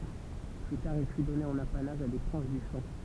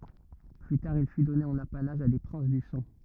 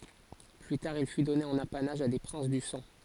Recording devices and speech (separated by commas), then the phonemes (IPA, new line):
temple vibration pickup, rigid in-ear microphone, forehead accelerometer, read sentence
ply taʁ il fy dɔne ɑ̃n apanaʒ a de pʁɛ̃s dy sɑ̃